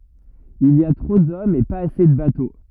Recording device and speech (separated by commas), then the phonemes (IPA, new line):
rigid in-ear microphone, read sentence
il i a tʁo dɔmz e paz ase də bato